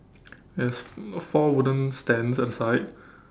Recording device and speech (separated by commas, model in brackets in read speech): standing microphone, conversation in separate rooms